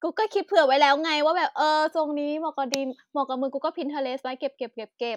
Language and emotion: Thai, happy